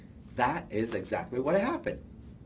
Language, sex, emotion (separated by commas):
English, male, happy